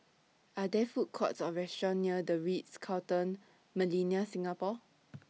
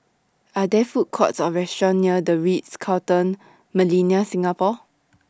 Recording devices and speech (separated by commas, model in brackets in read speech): mobile phone (iPhone 6), standing microphone (AKG C214), read sentence